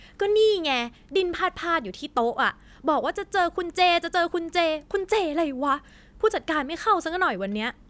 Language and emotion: Thai, frustrated